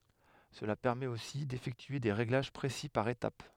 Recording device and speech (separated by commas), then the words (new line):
headset microphone, read sentence
Cela permet aussi d'effectuer des réglages précis par étape.